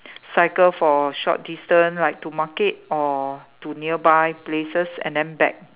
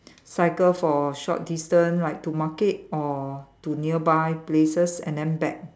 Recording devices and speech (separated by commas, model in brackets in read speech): telephone, standing microphone, conversation in separate rooms